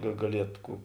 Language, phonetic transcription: Lithuanian, ga gaˈliet ˈkų

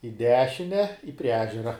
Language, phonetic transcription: Lithuanian, i ˈdešine i prie ˈežera

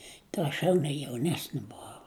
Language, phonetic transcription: Lithuanian, tai ˈaš jaune jauˈnesni buˈvau

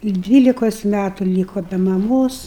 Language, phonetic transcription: Lithuanian, ˈdvylikos ˈmætu ˈlyko be maˈmos

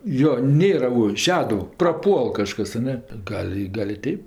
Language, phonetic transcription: Lithuanian, ˈjo ˈnėra u ˈšeduv praˈpuol kažˈkas a ˈne ˈgal' i ˈgal' i ˈteip

